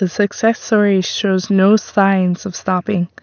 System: none